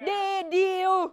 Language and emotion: Thai, happy